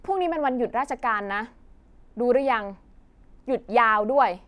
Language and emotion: Thai, frustrated